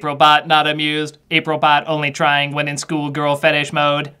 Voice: monotone